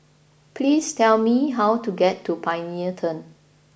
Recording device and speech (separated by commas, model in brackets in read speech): boundary microphone (BM630), read sentence